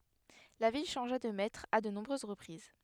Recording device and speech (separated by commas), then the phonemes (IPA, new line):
headset microphone, read sentence
la vil ʃɑ̃ʒa də mɛtʁz a də nɔ̃bʁøz ʁəpʁiz